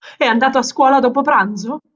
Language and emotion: Italian, fearful